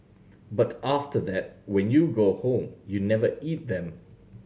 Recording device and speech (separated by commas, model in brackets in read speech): mobile phone (Samsung C7100), read sentence